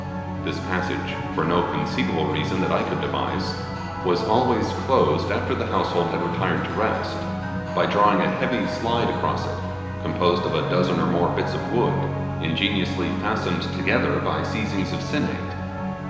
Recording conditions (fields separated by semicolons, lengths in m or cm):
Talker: one person; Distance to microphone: 1.7 m; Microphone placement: close; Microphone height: 1.0 m; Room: very reverberant, large; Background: music